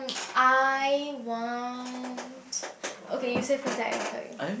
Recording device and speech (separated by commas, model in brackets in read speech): boundary microphone, conversation in the same room